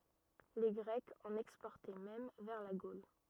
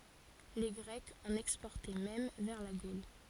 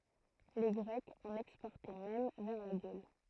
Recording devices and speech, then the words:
rigid in-ear microphone, forehead accelerometer, throat microphone, read sentence
Les Grecs en exportaient même vers la Gaule.

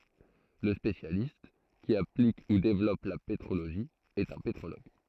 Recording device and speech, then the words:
throat microphone, read sentence
Le spécialiste qui applique ou développe la pétrologie est un pétrologue.

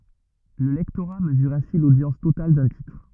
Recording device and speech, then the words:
rigid in-ear microphone, read sentence
Le lectorat mesure ainsi l'audience totale d'un titre.

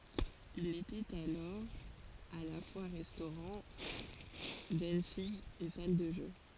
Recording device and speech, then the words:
forehead accelerometer, read sentence
Il était alors à la fois restaurant, dancing et salle de jeux.

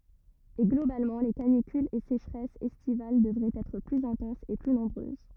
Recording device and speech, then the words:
rigid in-ear microphone, read sentence
Et globalement les canicules et sécheresses estivales devraient être plus intenses et plus nombreuses.

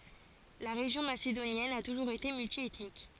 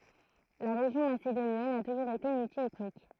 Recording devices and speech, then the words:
forehead accelerometer, throat microphone, read sentence
La région macédonienne a toujours été multiethnique.

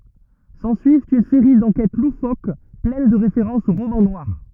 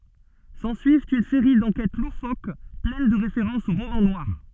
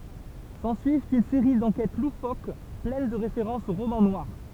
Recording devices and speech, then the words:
rigid in-ear microphone, soft in-ear microphone, temple vibration pickup, read sentence
S'ensuivent une série d'enquêtes loufoques pleines de références au roman noir.

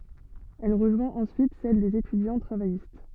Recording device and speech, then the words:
soft in-ear microphone, read sentence
Elle rejoint ensuite celle des étudiants travaillistes.

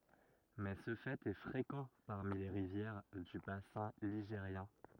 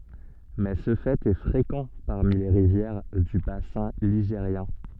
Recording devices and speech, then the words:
rigid in-ear microphone, soft in-ear microphone, read sentence
Mais ce fait est fréquent parmi les rivières du bassin ligérien.

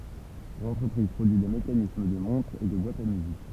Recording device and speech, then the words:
temple vibration pickup, read sentence
L'entreprise produit des mécanismes de montres et de boîtes à musique.

